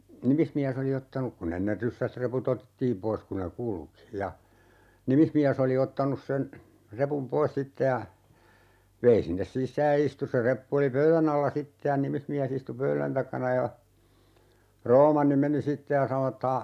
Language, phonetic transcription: Finnish, 'nimismiäs ‿oli 'ottanuk ku'n ‿enner 'ryssä(ltä) 'repu"t ‿otettiim 'pois ku ne "kulki , ja , "nimismiäs ‿oli 'ottanus sen , 'repum "pois 'sitte ja , 'vei sinnes "sis̆sääj (ja) 'istu se 'reppu oli "pöylän ‿alla 'sitte ja 'nimismiäs ‿istu "pöylän takana ja , 'Roomanni 'meni "sitte ja 'sano ett ‿ » a̰ - » ,.
- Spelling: nimismies oli ottanut kun ennen ryssältä reput otettiin pois kun ne kulki ja nimismies oli ottanut sen repun pois sitten ja vei sinne sisään ja istui se reppu oli pöydän alla sitten ja nimismies istui pöydän takana ja Roomanni meni sitten ja sanoi että -

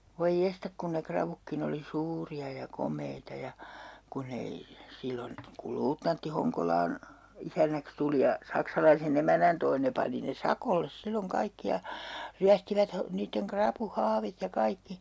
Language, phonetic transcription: Finnish, 'voi "jestak kun ne 'kravukkin ‿oli "suuri₍a ja "kom̀eita ja , ku'n ‿ei , 'sillon , kul 'luutnantti 'Hoŋkolaan , "isännäks tuli ja , 'saksalaise'n ‿emänän toi 'ne pani ne "sakolles 'silloŋ 'kaikki ja , 'ryästivät ha- , niitteŋ 'krapu"haavit ja 'kaikki .
- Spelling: voi jestas kun ne ravutkin oli suuria ja komeita ja kun ei silloin kun luutnantti Honkolaan isännäksi tuli ja saksalaisen emännän toi ne pani ne sakolle silloin kaikki ja ryöstivät - niiden rapuhaavit ja kaikki

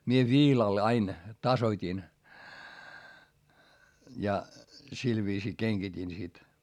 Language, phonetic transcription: Finnish, mie viilal ain , tasot́in , ja , sil viisii keŋGitin sit .
- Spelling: minä viilalla aina tasoitin ja sillä viisiin kengitin sitten

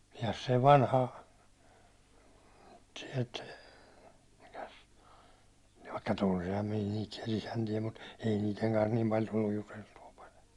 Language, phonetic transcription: Finnish, se vanha , siɛlt , mikäs , vaikka 'tunsiham miɴᴀ̈ niit siɛl'l ‿isäntie mut , ei niiteŋ kans niim paĺ tulluj 'juteltu₍a paĺ .
- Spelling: se vanha sieltä mikäs vaikka tunsinhan minä niitä siellä isäntiä mutta ei niiden kanssa niin paljon tullut juteltua -

